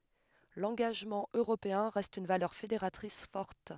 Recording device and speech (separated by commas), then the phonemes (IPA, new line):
headset microphone, read sentence
lɑ̃ɡaʒmɑ̃ øʁopeɛ̃ ʁɛst yn valœʁ fedeʁatʁis fɔʁt